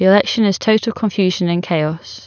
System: none